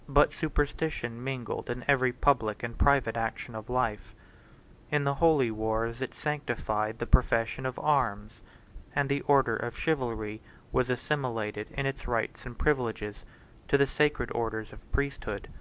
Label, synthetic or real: real